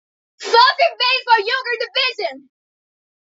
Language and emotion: English, happy